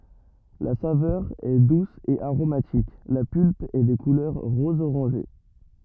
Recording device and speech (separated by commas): rigid in-ear microphone, read sentence